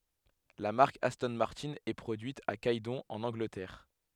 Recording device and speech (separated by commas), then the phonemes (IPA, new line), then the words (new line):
headset microphone, read sentence
la maʁk astɔ̃ maʁtɛ̃ ɛ pʁodyit a ɡɛdɔ̃ ɑ̃n ɑ̃ɡlətɛʁ
La marque Aston Martin est produite à Gaydon en Angleterre.